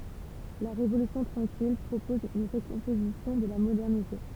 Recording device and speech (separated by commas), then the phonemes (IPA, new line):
temple vibration pickup, read sentence
la ʁevolysjɔ̃ tʁɑ̃kil pʁopɔz yn ʁəkɔ̃pozisjɔ̃ də la modɛʁnite